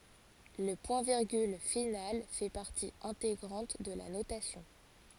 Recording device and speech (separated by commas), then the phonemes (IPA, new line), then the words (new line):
forehead accelerometer, read sentence
lə pwɛ̃tviʁɡyl final fɛ paʁti ɛ̃teɡʁɑ̃t də la notasjɔ̃
Le point-virgule final fait partie intégrante de la notation.